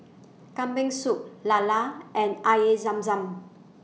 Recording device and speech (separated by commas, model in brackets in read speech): mobile phone (iPhone 6), read sentence